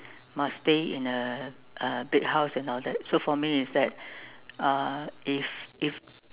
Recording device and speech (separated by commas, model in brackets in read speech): telephone, conversation in separate rooms